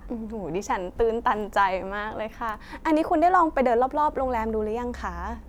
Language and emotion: Thai, happy